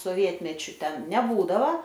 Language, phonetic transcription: Lithuanian, soˈvietmečiu ˈten neˈbūdavo

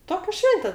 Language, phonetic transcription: Lithuanian, ˈtokia ˈšvente

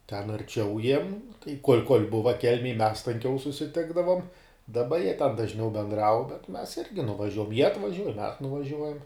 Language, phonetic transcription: Lithuanian, ten arˈčiau jiem tai kol' kol' ˈbuva ˈkelmėj mes tanˈkiau susiˈtikdavom daˈba jie ten dažˈniau benˈdrau bet mes ˈirgi nuvaˈžiuojam jie atvaˈžiuoj mes nuvaˈžiuojam

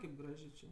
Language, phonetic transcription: Lithuanian, kaip ˈgražė čė

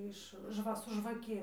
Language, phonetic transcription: Lithuanian, iš ˈžva su žvaˈki

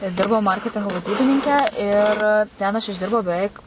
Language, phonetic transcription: Lithuanian, ˈdirbau ˈmarketingo vaˈdybininke ir ten aš išˈdirbau beˈveik

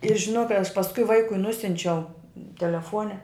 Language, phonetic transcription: Lithuanian, ir žiˈnok kai aš pasˈkui ˈvaikui ˈnusiunčiau teleˈfone

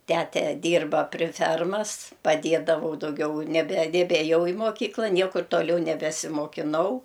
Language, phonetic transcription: Lithuanian, ˈtete ˈdyrba pri ˈfermas paˈdėdavau dauˈgiau nebe nebėˈjau i moˈkykla ˈniekur toˈliau nebesimokiˈnau

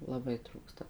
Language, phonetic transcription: Lithuanian, laˈbai ˈtrūksta

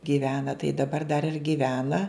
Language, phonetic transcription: Lithuanian, gyˈvena tai daˈbar dar ir gyˈvena

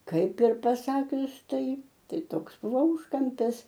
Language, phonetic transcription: Lithuanian, ˈkaip ir paˈsakius ˈtai ˈtai ˈtoks ˈbuvo ˈūžkampis

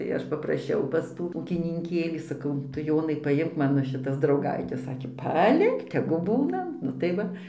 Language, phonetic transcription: Lithuanian, tai ˈaš papraˈšiau pas ˈtų ūkininˈkėlį saˈkau ˈtu ˈjonai paˈjimk ˈmano šiˈtas drauˈgaites ˈsakė paˈlik tegu ˈbūna nu tai ˈva

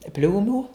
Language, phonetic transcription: Lithuanian, ˈpliūmų

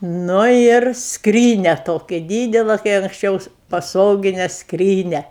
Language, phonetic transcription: Lithuanian, ˈnu ir ˈskrynia ˈtoki ˈdydela kai anksˈčiaus paˈsogine ˈskrynia

